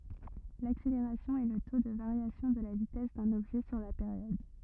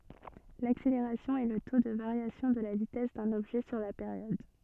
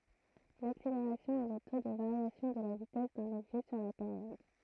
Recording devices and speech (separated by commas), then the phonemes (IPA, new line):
rigid in-ear microphone, soft in-ear microphone, throat microphone, read sentence
lakseleʁasjɔ̃ ɛ lə to də vaʁjasjɔ̃ də la vitɛs dœ̃n ɔbʒɛ syʁ la peʁjɔd